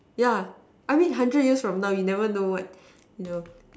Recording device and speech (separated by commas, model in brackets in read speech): standing microphone, conversation in separate rooms